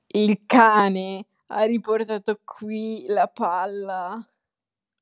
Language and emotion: Italian, disgusted